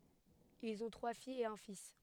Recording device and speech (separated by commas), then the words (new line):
headset microphone, read sentence
Ils ont trois filles et un fils.